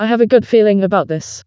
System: TTS, vocoder